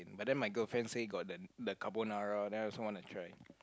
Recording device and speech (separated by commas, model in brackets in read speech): close-talking microphone, conversation in the same room